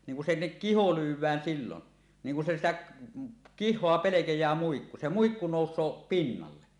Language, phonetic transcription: Finnish, niŋ ku 'sinnek "kiho 'lyw̆wään siilon , niŋ ku se 'sitäk̳ , "kih̆hoa 'pelekej̀ää muikku , 'se 'muikku nòus̀oo "pinnalle .
- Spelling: niin kun sinne kiho lyödään silloin niin kun se sitä kihoa pelkää muikku se muikku nousee pinnalle

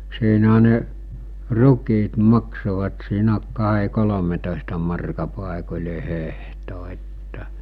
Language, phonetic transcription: Finnish, siinäɦä ne , 'ruk̀iit 'maksovat siinä , kaɦe 'kolometòesta marka pàekoĺe 'hehto että .
- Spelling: siinähän ne rukiit maksoivat siinä kahden kolmetoista markan paikoin hehto että

